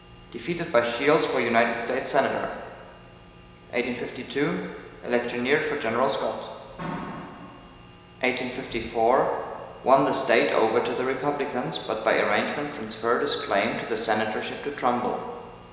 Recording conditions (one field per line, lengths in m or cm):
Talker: one person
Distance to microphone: 1.7 m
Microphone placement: close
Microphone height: 1.0 m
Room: very reverberant, large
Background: none